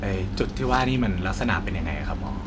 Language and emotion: Thai, neutral